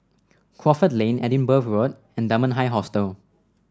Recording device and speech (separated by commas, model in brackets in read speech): standing microphone (AKG C214), read sentence